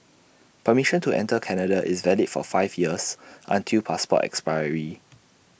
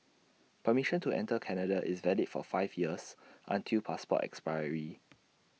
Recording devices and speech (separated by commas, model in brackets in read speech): boundary microphone (BM630), mobile phone (iPhone 6), read sentence